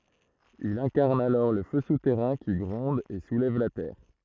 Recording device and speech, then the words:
throat microphone, read sentence
Il incarne alors le feu souterrain qui gronde et soulève la terre.

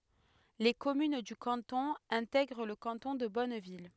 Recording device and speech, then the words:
headset microphone, read sentence
Les communes du canton intègrent le canton de Bonneville.

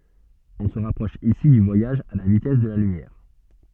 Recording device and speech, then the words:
soft in-ear microphone, read sentence
On se rapproche ici du voyage à la vitesse de la lumière.

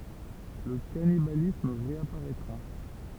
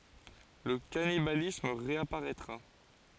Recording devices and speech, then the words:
temple vibration pickup, forehead accelerometer, read sentence
Le cannibalisme réapparaîtra.

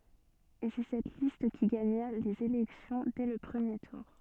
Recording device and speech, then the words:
soft in-ear microphone, read sentence
Et c'est cette liste qui gagna les élections dès le premier tour.

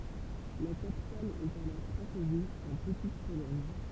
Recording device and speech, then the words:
temple vibration pickup, read sentence
La capitale est alors Cracovie, en Petite-Pologne.

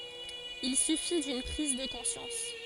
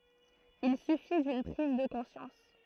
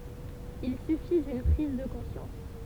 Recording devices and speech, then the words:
forehead accelerometer, throat microphone, temple vibration pickup, read sentence
Il suffit d'une prise de conscience.

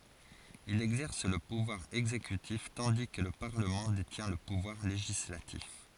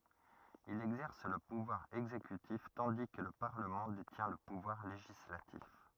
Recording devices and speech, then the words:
forehead accelerometer, rigid in-ear microphone, read sentence
Il exerce le pouvoir exécutif tandis que le parlement détient le pouvoir législatif.

